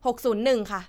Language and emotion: Thai, neutral